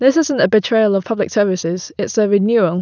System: none